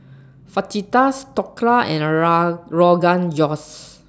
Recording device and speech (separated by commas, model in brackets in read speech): standing microphone (AKG C214), read sentence